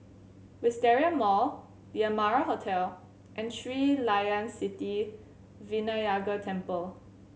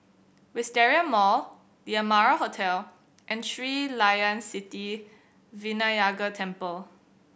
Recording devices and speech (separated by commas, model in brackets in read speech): mobile phone (Samsung C7100), boundary microphone (BM630), read sentence